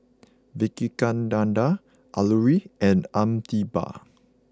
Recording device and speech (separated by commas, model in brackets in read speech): close-talking microphone (WH20), read sentence